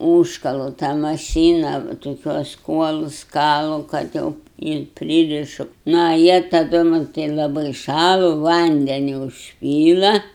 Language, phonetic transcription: Lithuanian, ˈūžkalu tą maˈšyna toˈkiuos ˈkuolus ˈkalu kad ˈjau ir ˈpryrišu na a ˈjie taˈdu man laˈbai ˈšalu ˈvandeniu užˈpyla

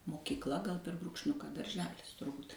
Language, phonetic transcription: Lithuanian, mokykˈla gal per brūkšˈniuka darˈželis turˈbut

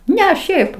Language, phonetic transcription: Lithuanian, ˈne ˈšiaip

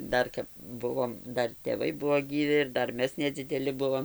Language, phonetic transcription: Lithuanian, ˈdar kap ˈbuvom ˈdar tėˈvai ˈbuo gyˈvi ir ˈdar ˈmes nedzideˈli ˈbuvom

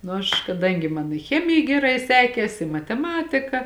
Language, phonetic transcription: Lithuanian, ˈnu aš kaˈdangi ˈman i ˈchemija geˈrai ˈsekės i mateˈmatika

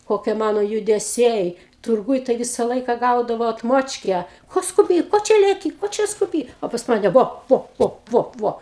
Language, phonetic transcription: Lithuanian, koˈkie ˈmano judeˈsiai turˈgūj tai ˈvisa ˈlaika ˈgaudavau atˈmočkę ˈko skuˈby ˈko čia leˈky ˈko čia skuˈby ˈo pas ˈmane ˈvo ˈvo ˈvo ˈvo ˈvo

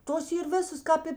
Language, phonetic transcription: Lithuanian, ˈtos ˈyr ˈvisas ˈkāp i

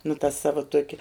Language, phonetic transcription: Lithuanian, nu ta ˈsava ˈtuokia

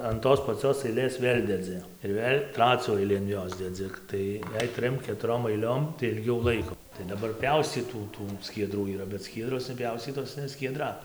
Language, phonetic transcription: Lithuanian, an ˈtos paˈcios aiˈlės ˈvėl' deˈdzi ir ˈvėl' ˈtracių ˈailį an ˈjos deˈdzi ˈtai jei ˈtrim ketuˈrom aiˈliom tai ilˈgiauˈ laiko tai daˈbar ˈpiauscytų ˈtų skieˈdrų yˈra bet ˈskiedros neˈpjauscytos ne skieˈdra

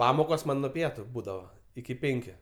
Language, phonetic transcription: Lithuanian, ˈpamokos ˈman' nuo ˈpietu ˈbūdava iki ˈpenkiu

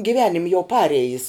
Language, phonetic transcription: Lithuanian, giˈvenim' jau ˈparejis

